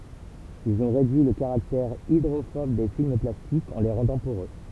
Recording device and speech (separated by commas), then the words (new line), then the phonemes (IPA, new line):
temple vibration pickup, read sentence
Ils ont réduit le caractère hydrophobe des films plastiques en les rendant poreux.
ilz ɔ̃ ʁedyi lə kaʁaktɛʁ idʁofɔb de film plastikz ɑ̃ le ʁɑ̃dɑ̃ poʁø